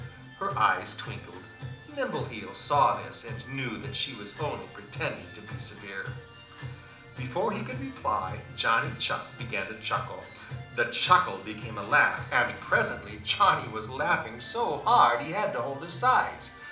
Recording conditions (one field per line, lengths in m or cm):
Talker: one person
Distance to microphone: 2.0 m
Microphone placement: close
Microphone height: 99 cm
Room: medium-sized (5.7 m by 4.0 m)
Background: music